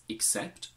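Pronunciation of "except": In 'except', the first vowel is said as an i sound, not as a schwa.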